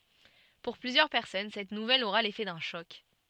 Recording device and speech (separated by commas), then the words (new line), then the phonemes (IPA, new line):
soft in-ear microphone, read sentence
Pour plusieurs personnes, cette nouvelle aura l’effet d’un choc.
puʁ plyzjœʁ pɛʁsɔn sɛt nuvɛl oʁa lefɛ dœ̃ ʃɔk